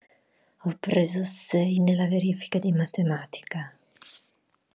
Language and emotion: Italian, angry